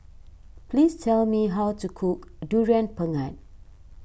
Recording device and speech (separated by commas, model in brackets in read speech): boundary microphone (BM630), read sentence